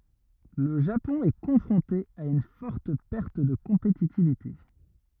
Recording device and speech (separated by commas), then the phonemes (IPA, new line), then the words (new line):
rigid in-ear microphone, read sentence
lə ʒapɔ̃ ɛ kɔ̃fʁɔ̃te a yn fɔʁt pɛʁt də kɔ̃petitivite
Le Japon est confronté à une forte perte de compétitivité.